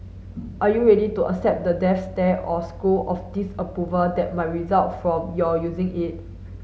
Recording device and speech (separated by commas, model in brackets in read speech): mobile phone (Samsung S8), read sentence